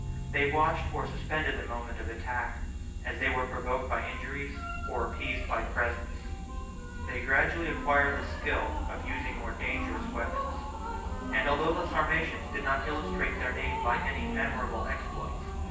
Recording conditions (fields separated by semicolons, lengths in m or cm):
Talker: one person; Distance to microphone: 9.8 m; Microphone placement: far; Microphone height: 1.8 m; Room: large; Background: music